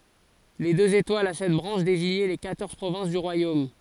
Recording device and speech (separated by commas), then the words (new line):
forehead accelerometer, read sentence
Les deux étoiles a sept branches désignaient les quatorze provinces du royaume.